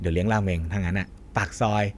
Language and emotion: Thai, neutral